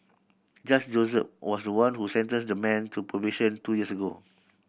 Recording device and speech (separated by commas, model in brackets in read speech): boundary microphone (BM630), read sentence